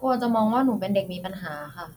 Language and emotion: Thai, neutral